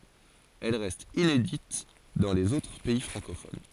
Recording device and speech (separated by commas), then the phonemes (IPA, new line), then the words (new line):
forehead accelerometer, read sentence
ɛl ʁɛst inedit dɑ̃ lez otʁ pɛi fʁɑ̃kofon
Elle reste inédite dans les autres pays francophones.